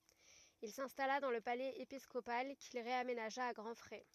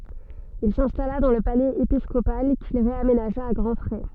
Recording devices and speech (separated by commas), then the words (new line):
rigid in-ear microphone, soft in-ear microphone, read sentence
Il s'installa dans le palais épiscopal, qu'il réaménagea à grand frais.